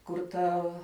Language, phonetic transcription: Lithuanian, kur ˈtav

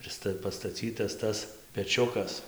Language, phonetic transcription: Lithuanian, ir ˈsta pastaˈcytas ˈtas peˈčiukas

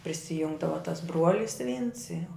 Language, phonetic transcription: Lithuanian, prisiˈjungdava tas ˈbruolis vyns jau

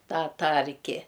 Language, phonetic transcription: Lithuanian, ˈtą ˈtarki

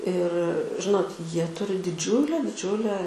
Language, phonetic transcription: Lithuanian, ir ˈžinot ˈjie ˈturi diˈdžiulę diˈdžiulę

